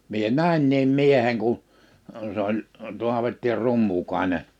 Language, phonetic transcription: Finnish, 'mie "nä̀inniim 'mieheŋ kun̬ , 's ‿oĺ , 'Tuavetti 'Rummukàene .
- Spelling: minä näinkin miehen kun se oli Taavetti Rummukainen

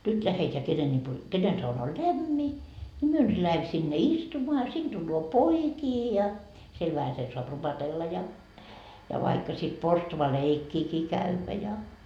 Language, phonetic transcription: Finnish, 'nyt läheteä 'kenen ĺipo 'kenen sauna o "lämmi , ni "myö nyt 'lähem sinne "istumoa a 'sin Dulloo "poikii ja , 'siel vähäsen soap 'rupatella ja , ja vaikka sit 'porstuva"leikkiikii kävvä ja .
- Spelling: nyt lähdetään kenen lipo kenen sauna on lämmin niin me nyt lähdemme sinne istumaan a sinne tulee poikia ja siellä vähäsen saa rupatella ja ja vaikka sitten porstualeikkiäkin käydä ja

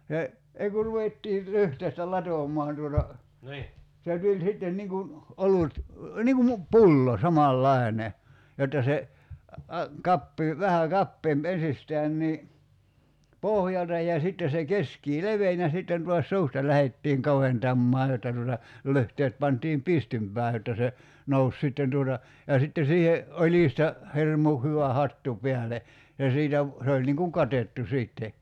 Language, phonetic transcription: Finnish, se , 'ei ku ruvettii , 'lyhteistä "latom̆mɔan tuota , se 'tuĺ 'sitten niŋ kun , 'olut , niŋ ku mu- , "pullo 'samal'laene , jotta se , 'kappii , 'vähä "kappeemp 'ensistään nii , "pohjalta ja 'sitte se 'keskii "leven ja 'sitten tuas "suusta 'lähettiiŋ 'kaventammaa jotta tuota , 'lyhteet 'pantiim "pistympää jotta se , 'nous 'sitten tuota , ja sitte 'siihe , 'oĺista , "hirmu 'hyvä 'hattu 'piäle , ja 'siitä ‿v- , se oĺ niŋ kuŋ "katettu 'siitte .
- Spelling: se ei kun ruvettiin lyhteistä latomaan tuota se tuli sitten niin kuin olut niin kun - pullo samanlainen jotta se kapea vähän kapeampi ensistään niin pohjalta ja sitten se keskeen leveni ja sitten taas suusta lähdettiin kaventamaan jotta tuota lyhteet pantiin pystympään jotta se nousi sitten tuota ja sitten siihen oljista hirmu hyvä hattu päälle ja siitä - se oli niin kuin katettu sitten

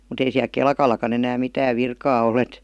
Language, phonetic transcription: Finnish, mu't ‿ei siäl "kelkal̆lakan ‿enääm "mitääv 'virkaa ol ‿et .
- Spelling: mutta ei siellä kelkallakaan enää mitään virkaa ole että

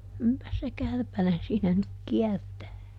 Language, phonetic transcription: Finnish, - (--)pä se "kärpänen siinä nyk "kiɛrtää .
- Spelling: - se kärpänen siinä nyt kiertää

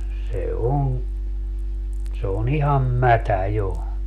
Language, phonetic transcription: Finnish, 'se on , se o'n ‿iham "mätä 'jo .
- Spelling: se on se on ihan mätä jo

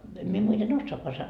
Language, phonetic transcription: Finnish, 'em mie muiten "ossoaka san- ,.
- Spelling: en minä muuten osaakaan -

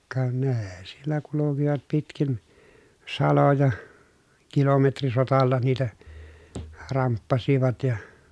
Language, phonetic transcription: Finnish, ka nee siellä kulukivat pitkin , saloja , kilome trisotalla niitä , ramppasivat ja .
- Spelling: ka ne siellä kulkivat pitkin saloja - kilometrisotalla niitä ramppasivat ja

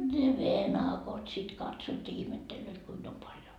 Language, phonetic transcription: Finnish, ne "venakot sit katsoot ja ihmettellööt 'kuim ‿om paljo .
- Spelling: ne venakot sitten katsovat ja ihmettelevät kuinka on paljon

